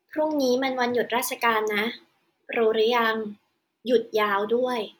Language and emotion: Thai, neutral